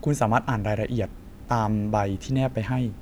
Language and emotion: Thai, neutral